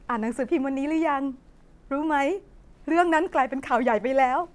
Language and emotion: Thai, sad